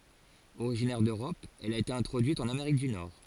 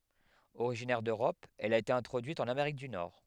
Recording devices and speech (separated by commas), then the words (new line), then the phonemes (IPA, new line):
forehead accelerometer, headset microphone, read sentence
Originaire d'Europe, elle a été introduite en Amérique du Nord.
oʁiʒinɛʁ døʁɔp ɛl a ete ɛ̃tʁodyit ɑ̃n ameʁik dy nɔʁ